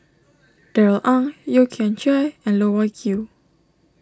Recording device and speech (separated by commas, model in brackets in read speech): standing microphone (AKG C214), read sentence